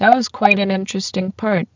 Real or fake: fake